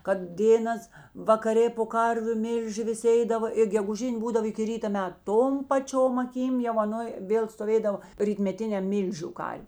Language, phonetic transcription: Lithuanian, kad ˈdėnas vakaˈrė po ˈkarviu ˈmilži viˈsi ˈeidava ir geguˈžin' ˈbūdav iki ˈryta ˈmet ˈtom paˈčiom aˈkym jau aˈnoj ˈvėl stoˈvėdavo rytmeˈtiniam ˈmylžiu ˈkar'

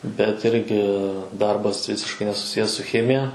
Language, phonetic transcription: Lithuanian, bet ˈirgi ˈdarbas ˈvisiškai nesuˈsijes su ˈchemija

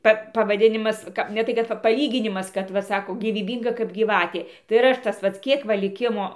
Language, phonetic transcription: Lithuanian, ˈpa pavaˈdinimas ˈka ne ˈtai kad ˈpa paˈlyginimas ˈkad ˈva ˈsako gyvyˈbynga kap gyˈvatė tai ir ˈaš tas ˈpats ˈkiek va liˈkimo

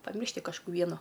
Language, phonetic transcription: Lithuanian, paˈmiršti kažˈkų ˈvienu

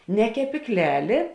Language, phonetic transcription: Lithuanian, ne kepykˈlelė

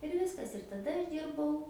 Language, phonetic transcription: Lithuanian, ir ˈviskas ir taˈda aš ˈdyrbau

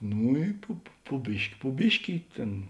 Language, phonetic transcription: Lithuanian, ˈnū i ˈpu pu pu ˈbiški pu ˈbiški i ˈtėn

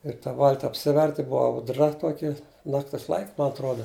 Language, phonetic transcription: Lithuanian, ir ta ˈvalti apˈsiverti ˈbuva auˈdra ˈtuoki ˈnaktis laik' ma atˈruoda

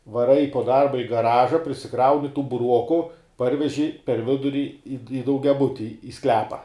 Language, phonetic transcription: Lithuanian, vaˈrai po ˈdarba i gaˈraža prisiˈkrauni tų buˈruoku ˈparveži per ˈviduri i daugiaˈbuti i ˈsklepa

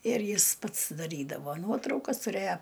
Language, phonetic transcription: Lithuanian, ir ˈjis ˈpats daˈrydavo ˈnuotraukas tuˈrėjo

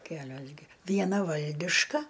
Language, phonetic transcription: Lithuanian, ˈkelios gi vieˈna ˈvaldiška

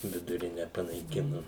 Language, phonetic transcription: Lithuanian, viduˈrine panaiˈkinu

